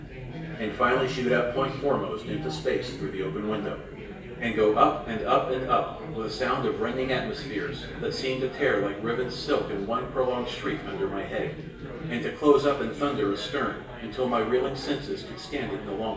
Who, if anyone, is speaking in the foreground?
One person.